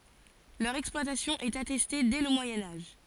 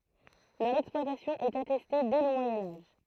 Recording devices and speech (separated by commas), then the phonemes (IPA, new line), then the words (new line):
forehead accelerometer, throat microphone, read sentence
lœʁ ɛksplwatasjɔ̃ ɛt atɛste dɛ lə mwajɛ̃ aʒ
Leur exploitation est attestée dès le Moyen Âge.